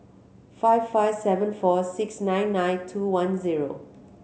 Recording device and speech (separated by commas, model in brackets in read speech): mobile phone (Samsung C7100), read sentence